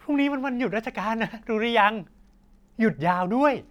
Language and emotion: Thai, happy